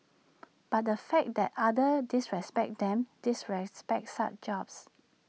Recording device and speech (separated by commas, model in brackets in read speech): mobile phone (iPhone 6), read sentence